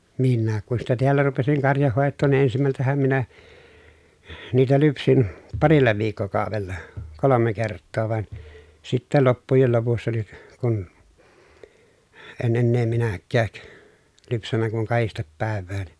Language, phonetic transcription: Finnish, minnääk kun sitä teällä rupesiŋ karjahhòettoon ni ensimältähäm minä , niitä lypsin , parilla viikkokàovella , kolome kerttoo van , sittä loppujel lopussa ni , kun , en ennee minäkkääk , lypsännä kuŋ kahistep pä̀ev̆vään .
- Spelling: minäkin kun sitä täällä rupesin karjanhoitoon niin ensimmältähän minä niitä lypsin parilla viikkokaudella kolme kertaa vaan sitten loppujen lopussa niin kun en enää minäkään lypsänyt kuin kahdesti päivään

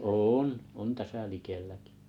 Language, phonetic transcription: Finnish, oon , 'on täsä 'likelläkɪ .
- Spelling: on on tässä likelläkin

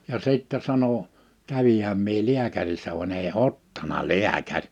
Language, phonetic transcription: Finnish, ja 'sìttɛ 'sano : » 'kävihäm mie 'liäkärissä van ‿èi "ottana 'li̬äkär . «
- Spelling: ja sitten sanoi kävinhän minä lääkärissä vaan ei ottanut lääkäri

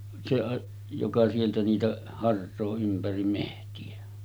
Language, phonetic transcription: Finnish, 'se a- , joka sieltä niitä 'hars̆soo ympärim mehti₍ä .
- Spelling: se - joka sieltä niitä harsoo ympäri metsiä

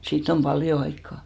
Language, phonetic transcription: Finnish, 'siitt ‿om "ʙaljo aikkà .
- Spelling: siitä on paljon aikaa

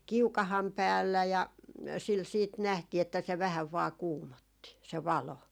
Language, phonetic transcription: Finnish, "kiukaham 'päällä , ja 'sil 'siit 'nähtii että se 'vähäv vaa "kuumotti , se 'valo .
- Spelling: kiukaan päällä ja sillä sitten nähtiin että se vähän vain kuumotti se valo

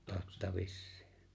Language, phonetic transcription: Finnish, 'totta "vissɪɪ .
- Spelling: totta vissiin

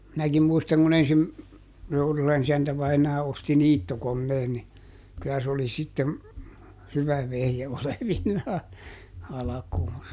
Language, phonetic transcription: Finnish, ˈminäkim ˈmuistaŋ kuˈn ‿ensim- , ˈTourulan ‿isäntä vainaa ˈosti "niittokonneen ni , ˈkyllä s ‿oli sittem , ˈhyvä ˈvehje olevinnaa , ˈalakuunsa .
- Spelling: minäkin muistan kun - Tourulan isäntä vainaa osti niittokoneen niin kyllä se oli sitten hyvä vehje olevinaan alkuunsa

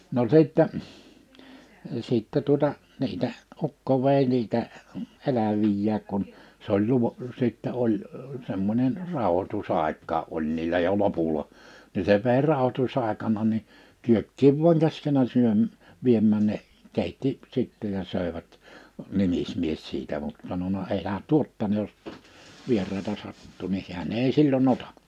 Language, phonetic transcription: Finnish, no 'sìttɛ , 'sìttɛ tuᵒta , niitä , 'ukko vèi niitä , 'elävijjää kun , 's ‿oĺ 'luva- , sìttä 'oĺ , semmońen , 'ràohotu's ‿àikkaa '’oĺ niilä jo 'lopula , ni se vèi 'ràohotus ‿àekana ni , 'kyökkiiv vuaŋ 'kaskena 'syöm- , 'viemmä̀n̆ ne , 'kèitti sitte ja 'sö̀evät , 'nimismies 'siitä mut sanona » 'elä "tuot tänne jos , 'vier̆raita 'sattuu « nih hi̬än 'ei "sillo"ń ‿ota .
- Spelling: no sitten sitten tuota niitä ukko vei niitä eläviä kun se oli - sitten oli semmoinen rauhoitus aikaa oli niillä jo lopulla niin se vei rauhoitus aikana niin kyökkiin vain käskenyt - viemään ne keitti sitten ja söivät nimismies siitä mutta sanonut älä tuo tänne jos vieraita sattuu niin hän ei silloin ota

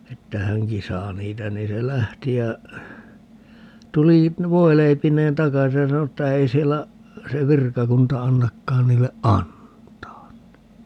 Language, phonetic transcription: Finnish, 'että "häŋki 'saa 'niitä 'nii se "lähti ja , 'tuli , "voileipiǹeen "takasi ja 'sano että » 'ei siellä , 'se "virkakunta 'annakkaan niille "ʼantaan » (ni) .
- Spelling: että hänkin saa niitä niin se lähti ja tuli voileipineen takaisin ja sanoi että ei siellä se virkakunta annakaan niille antaa niin

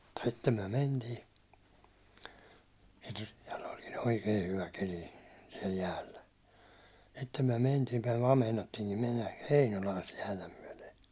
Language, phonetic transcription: Finnish, sittem myäₒ 'mentii , ja (sitten) sɪᴇʟ ᴏʟkɪɴ "oikei 'hyvä 'keli , siɛl 'jäällä , sittem myäₒ 'mentii myäₒ vaa 'meinattiiŋki mennä "Heinolaa sit jäätä myäₒle .
- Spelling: sitten me mentiin ja sitten sillä olikin oikein hyvä keli siellä jäällä sitten me mentiin me vain meinattiinkin mennä Heinolaan sitä jäätä myöten

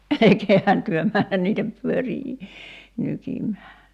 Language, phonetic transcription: Finnish, 'elᵉkeehän työ "mään niitä pyörii , 'nykim̀ää .
- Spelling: älkäähän te mene niitä pyöriä nykimään

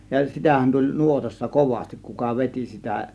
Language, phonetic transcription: Finnish, ja 'sitähän tuĺ "nuotassa "kovastik kuka "vet͕i sitä .
- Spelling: ja sitähän tuli nuotassa kovasti kuka veti sitä

